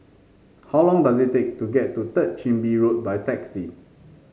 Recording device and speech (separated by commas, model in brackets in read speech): mobile phone (Samsung C5), read sentence